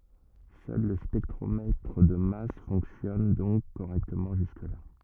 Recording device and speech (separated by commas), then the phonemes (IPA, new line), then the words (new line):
rigid in-ear microphone, read sentence
sœl lə spɛktʁomɛtʁ də mas fɔ̃ksjɔn dɔ̃k koʁɛktəmɑ̃ ʒyskəla
Seul le spectromètre de masse fonctionne donc correctement jusque-là.